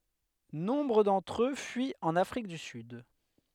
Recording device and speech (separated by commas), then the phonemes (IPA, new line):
headset microphone, read sentence
nɔ̃bʁ dɑ̃tʁ ø fyit ɑ̃n afʁik dy syd